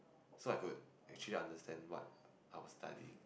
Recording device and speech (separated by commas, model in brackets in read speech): boundary microphone, conversation in the same room